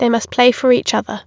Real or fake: real